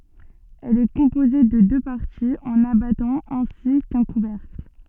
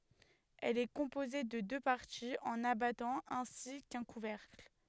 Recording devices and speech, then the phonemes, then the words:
soft in-ear microphone, headset microphone, read sentence
ɛl ɛ kɔ̃poze də dø paʁtiz œ̃n abatɑ̃ ɛ̃si kœ̃ kuvɛʁkl
Elle est composée de deux parties, un abattant ainsi qu'un couvercle.

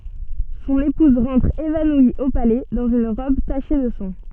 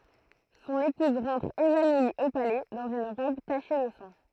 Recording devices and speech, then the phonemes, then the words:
soft in-ear microphone, throat microphone, read sentence
sɔ̃n epuz ʁɑ̃tʁ evanwi o palɛ dɑ̃z yn ʁɔb taʃe də sɑ̃
Son épouse rentre évanouie au palais dans une robe tachée de sang.

